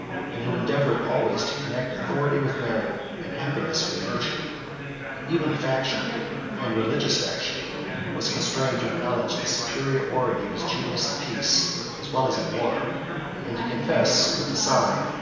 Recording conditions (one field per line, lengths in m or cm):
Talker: one person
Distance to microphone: 1.7 m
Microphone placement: close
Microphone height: 1.0 m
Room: very reverberant, large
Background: babble